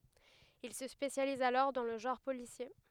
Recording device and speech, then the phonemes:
headset microphone, read sentence
il sə spesjaliz alɔʁ dɑ̃ lə ʒɑ̃ʁ polisje

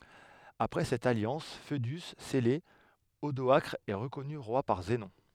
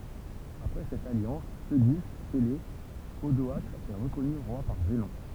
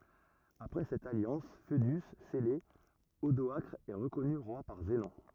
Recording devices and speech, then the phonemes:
headset microphone, temple vibration pickup, rigid in-ear microphone, read sentence
apʁɛ sɛt aljɑ̃s foədy sɛle odɔakʁ ɛ ʁəkɔny ʁwa paʁ zənɔ̃

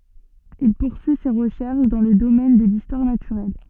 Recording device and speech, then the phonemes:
soft in-ear microphone, read sentence
il puʁsyi se ʁəʃɛʁʃ dɑ̃ lə domɛn də listwaʁ natyʁɛl

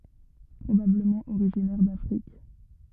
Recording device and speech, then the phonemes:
rigid in-ear microphone, read sentence
pʁobabləmɑ̃ oʁiʒinɛʁ dafʁik

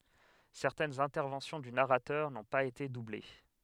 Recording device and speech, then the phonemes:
headset microphone, read sentence
sɛʁtɛnz ɛ̃tɛʁvɑ̃sjɔ̃ dy naʁatœʁ nɔ̃ paz ete duble

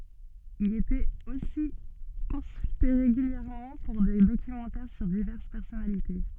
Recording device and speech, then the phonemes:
soft in-ear microphone, read sentence
il etɛt osi kɔ̃sylte ʁeɡyljɛʁmɑ̃ puʁ de dokymɑ̃tɛʁ syʁ divɛʁs pɛʁsɔnalite

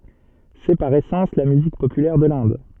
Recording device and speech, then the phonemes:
soft in-ear microphone, read sentence
sɛ paʁ esɑ̃s la myzik popylɛʁ də lɛ̃d

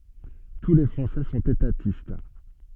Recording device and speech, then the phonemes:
soft in-ear microphone, read sentence
tu le fʁɑ̃sɛ sɔ̃t etatist

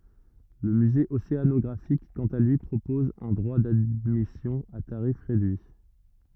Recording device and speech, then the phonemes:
rigid in-ear microphone, read sentence
lə myze oseanɔɡʁafik kɑ̃t a lyi pʁopɔz œ̃ dʁwa dadmisjɔ̃ a taʁif ʁedyi

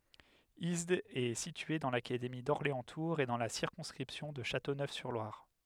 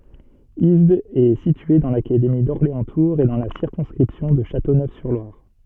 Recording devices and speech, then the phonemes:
headset microphone, soft in-ear microphone, read sentence
izdz ɛ sitye dɑ̃ lakademi dɔʁleɑ̃stuʁz e dɑ̃ la siʁkɔ̃skʁipsjɔ̃ də ʃatonøfsyʁlwaʁ

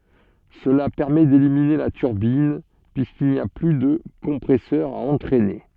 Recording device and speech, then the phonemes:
soft in-ear microphone, read sentence
səla pɛʁmɛ delimine la tyʁbin pyiskil ni a ply də kɔ̃pʁɛsœʁ a ɑ̃tʁɛne

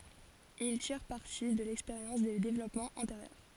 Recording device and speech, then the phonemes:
forehead accelerometer, read sentence
il tiʁ paʁti də lɛkspeʁjɑ̃s de devlɔpmɑ̃z ɑ̃teʁjœʁ

